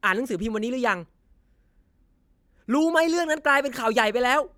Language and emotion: Thai, angry